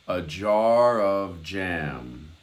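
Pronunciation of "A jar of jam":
In 'a jar of jam', the 'of' is swallowed a bit, and its f and the j of 'jam' run together into one sound.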